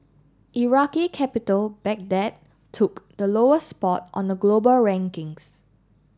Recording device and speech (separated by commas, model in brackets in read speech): standing microphone (AKG C214), read sentence